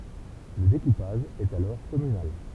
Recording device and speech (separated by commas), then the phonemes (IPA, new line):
temple vibration pickup, read sentence
lə dekupaʒ ɛt alɔʁ kɔmynal